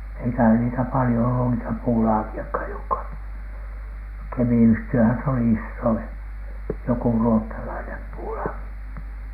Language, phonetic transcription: Finnish, eikähä niitä palⁱjo ollu niitä 'puulaaki₍akhaj jokka , 'Kemi₍yhti₍öhän se oli "issoin , joku 'ruottalainem puulaaki .
- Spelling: eikä niitä paljon ollut niitä puulaakejakaan jotka Kemiyhtiöhän se oli isoin joku ruotsalainen puulaaki

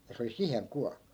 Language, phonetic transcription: Finnish, ja 'se oli "siheŋ 'ku .
- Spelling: ja se oli siihen kuollut

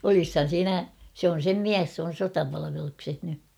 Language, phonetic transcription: Finnish, 'olishan̬ 'siinä , sᵉ ‿on̬ 'sem "miäs s ‿oon̬ "sotapalavelukseh ny .
- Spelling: olisihan siinä se on sen mies se on sotapalveluksessa nyt

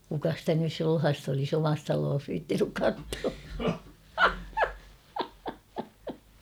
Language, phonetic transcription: Finnish, kuka stä nys 'sulhast ‿olis ‿"omas 'taloos viittinyk 'kattua .
- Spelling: kuka sitä nyt sulhasta olisi omassa talossaan viitsinyt katsoa

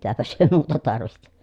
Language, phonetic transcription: Finnish, mitäpäs hyö muuta tarvihtI .
- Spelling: mitäpäs he muuta tarvitsi

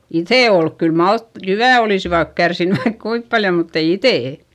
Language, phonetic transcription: Finnish, iϑè olk - kyl malt- , jyvä̀ olìsivat kärsinny vaik kuip paljo mutt ‿ei itè .
- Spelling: ide oli kyllä - jyvät olisivat kärsinyt vaikka kuinka paljon mutta ei iteet

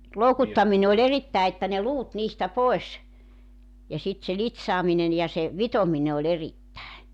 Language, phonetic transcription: Finnish, 'loukuttamine oĺ 'erittäe että ne 'luut 'niistä 'poes , ja sit se 'lit̳s̳§aaminen ja se , "vitomine oĺ 'erittäe .
- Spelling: loukuttaminen oli erittäin että ne luut niistä pois ja sitten se litsaaminen ja se vitominen oli erittäin

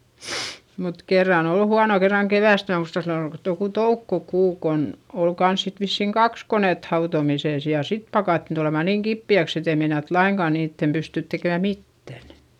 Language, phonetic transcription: Finnish, mut kerran ‿ol huano kerraŋ kevä̀st - mää muista sillo ol joku toukkokuu kon , ol kans sit vissìŋ kaks konèt hautomisès ja sit pakàttin tulema niŋ kippi₍äks ‿et ‿ei meinat laiŋkà niittem pystỳt tekèmä mittän .
- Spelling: mutta kerran oli huono kerran keväästä minä muistan silloin oli joku toukokuu kun oli kanssa sitten vissiin kaksi konetta hautomisessa ja sitten pakattiin tulemaan niin kipeäksi että ei meinattu lainkaan niiden pystyä tekemään mitään

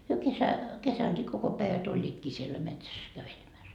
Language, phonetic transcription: Finnish, hyö kesä- , 'kesäŋkii 'koko päivät 'oĺĺiitkii siellä 'metsäs , kävelemäs .
- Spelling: he - kesänkin koko päivät olivatkin siellä metsässä kävelemässä

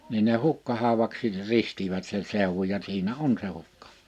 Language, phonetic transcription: Finnish, nin ne "Hukkahauwaksi , 'ristivät se 'sèuwuj ja 'siinä "on se 'hukka- .
- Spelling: niin ne Hukkahaudaksi ristivät se seudun ja siinä on se -

